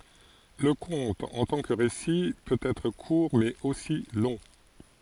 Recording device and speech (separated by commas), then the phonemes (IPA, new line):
forehead accelerometer, read sentence
lə kɔ̃t ɑ̃ tɑ̃ kə ʁesi pøt ɛtʁ kuʁ mɛz osi lɔ̃